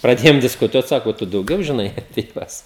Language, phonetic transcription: Lithuanian, praˈdėjom diskuˈtuot ˈsako ˈtu dauˈgiau žiˈnai apie ˈjuos

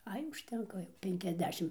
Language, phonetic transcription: Lithuanian, ˈai užˈtenka jau penkiasˈdešim

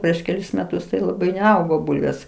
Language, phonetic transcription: Lithuanian, ˈprieš keˈlis meˈtus tai laˈbai neˈaugo ˈbulvės

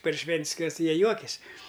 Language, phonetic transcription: Lithuanian, par ˈšven't's' kas ˈjie ˈjuokias'

